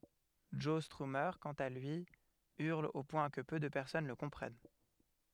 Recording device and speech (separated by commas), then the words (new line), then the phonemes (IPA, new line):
headset microphone, read sentence
Joe Strummer, quant à lui, hurle au point que peu de personnes le comprennent.
ʒɔ stʁyme kɑ̃t a lyi yʁl o pwɛ̃ kə pø də pɛʁsɔn lə kɔ̃pʁɛn